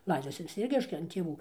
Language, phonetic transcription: Lithuanian, ˈlaidosi vis ˈciek ˈreiškia an tėˈvų

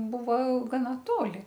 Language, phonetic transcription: Lithuanian, ˈbuva gaˈna ˈtoli

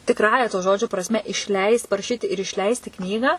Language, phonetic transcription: Lithuanian, tikˈrąja to ˈžodžio prasˈme išˈleist paraˈšyti ir išˈleisti ˈknygą

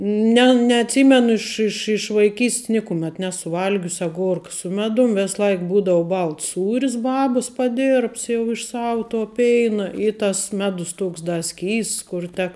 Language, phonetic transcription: Lithuanian, ˈne neatˈsymenu ˈiš iš iš vaiˈkys't's ˈnikumet ˈnesu ˈval'gius aˈgorka su ˈmedum ˈves ˈlaik ˈbūdavu ˈbalts ˈsūris ˈbabas paˈdirbts jau iš ˈsavu to ˈpeina i tas ˈmedus ˈtoks da ˈskysts kur ˈtek

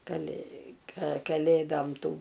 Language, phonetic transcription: Lithuanian, kaˈlė ka kaˈlėdom ˈtų

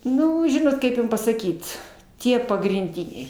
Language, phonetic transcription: Lithuanian, ˈnu ˈžinot ˈkaip jum pasaˈkyt ˈtie pagrinˈdiniai

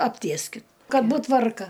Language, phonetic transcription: Lithuanian, apˈtieskit ˈkad ˈbūt ˈtvarka

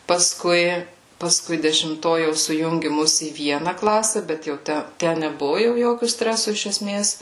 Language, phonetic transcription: Lithuanian, pasˈkui pasˈkui dešimˈto jau suˈjungi ˈmus į ˈviena ˈklase ˈbet jau ˈtæ ˈtæ neˈbuvu ˈjokiu ˈstresu iš eˈsmės

